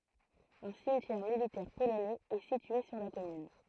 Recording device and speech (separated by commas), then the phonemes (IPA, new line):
throat microphone, read sentence
œ̃ simtjɛʁ militɛʁ polonɛz ɛ sitye syʁ la kɔmyn